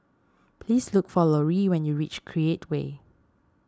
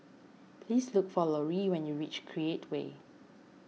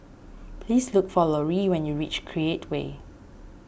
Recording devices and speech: standing microphone (AKG C214), mobile phone (iPhone 6), boundary microphone (BM630), read sentence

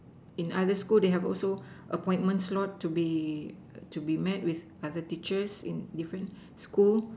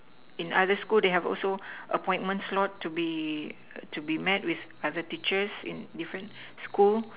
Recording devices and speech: standing microphone, telephone, conversation in separate rooms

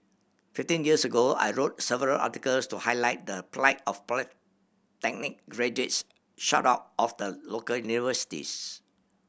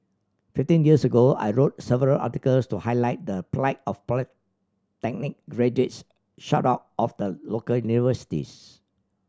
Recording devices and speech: boundary microphone (BM630), standing microphone (AKG C214), read sentence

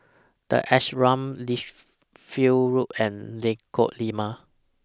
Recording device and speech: standing microphone (AKG C214), read sentence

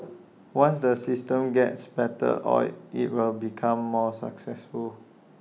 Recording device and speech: mobile phone (iPhone 6), read sentence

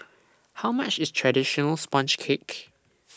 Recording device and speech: standing microphone (AKG C214), read sentence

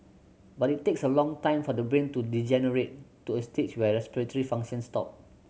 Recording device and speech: mobile phone (Samsung C7100), read sentence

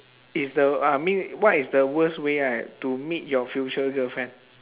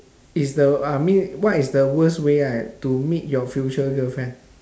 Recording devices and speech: telephone, standing microphone, conversation in separate rooms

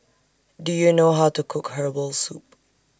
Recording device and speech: standing microphone (AKG C214), read sentence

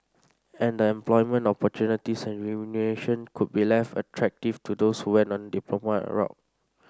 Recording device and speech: standing microphone (AKG C214), read sentence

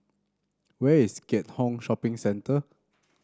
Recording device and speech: standing microphone (AKG C214), read sentence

